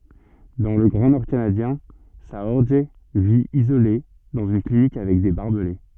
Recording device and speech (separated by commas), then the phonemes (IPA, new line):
soft in-ear microphone, read sentence
dɑ̃ lə ɡʁɑ̃ nɔʁ kanadjɛ̃ saɔʁʒ vi izole dɑ̃z yn klinik avɛk de baʁbəle